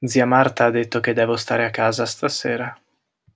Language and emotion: Italian, sad